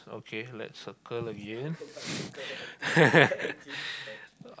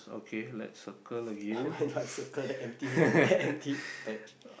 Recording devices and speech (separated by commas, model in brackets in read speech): close-talking microphone, boundary microphone, conversation in the same room